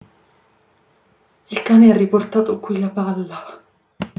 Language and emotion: Italian, fearful